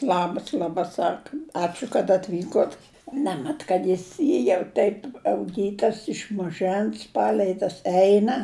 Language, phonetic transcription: Lithuanian, ˈlabas laˈba ˈsaka ˈačiu kad atˈvykot ˈnemet kad ˈjis ˈjį jau ˈteip auˈgytas iš maˈžɜns ˈpalei tas ˈeina

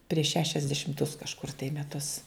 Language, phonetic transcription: Lithuanian, prieš ˈšešiasdešimtus kažˈkur tai meˈtus

